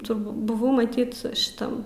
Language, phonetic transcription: Lithuanian, turˈbū buˈvau maˈtyt šiˈtam

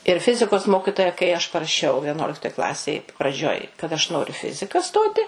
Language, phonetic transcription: Lithuanian, ir ˈfizikos ˈmokitoja kai aš paraˈšiau vieˈnuoliktoj ˈklasėj praˈdžioj kad aš ˈnoriu i ˈfizika ˈstoti

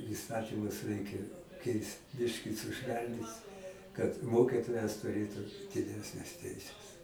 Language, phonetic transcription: Lithuanian, įˈstatymus ˈreikia ˈkeist ˈbiški suˈšvelnyt kad ˈmokitojas tuˈrėtu diˈdesnes ˈteises

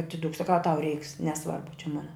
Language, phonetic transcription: Lithuanian, atiˈduk saˈkau a tau reiks neˈsvarbu čia ˈmona

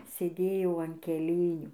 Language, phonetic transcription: Lithuanian, sėˈdėjau an keˈlėnių

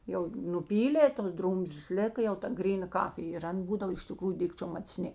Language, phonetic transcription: Lithuanian, jau nuˈpylė tos ˈdrūmzlės ˈlėka jau ta ˈgryˌna ˈkafij ir ˈan ˈbūdav iš tiˈkrųju ˈdikčiom macˈni

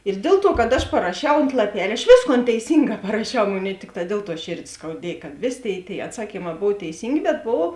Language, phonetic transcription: Lithuanian, ir ˈdėl ˌtuo kad aš paraˈšiau ont laˈpel' aš ˈvėsˌkon teiˈsynˌgā paraˈšiau ˈmoˌnėi ˈtikˌtā ˈdiel ˌtuo ˈšėrdė skauˈdiej kad ˈvėˌsė ˈtėi tėi atˈsakyˌmā ˈbov teiˈsyngė bet ˈbovo

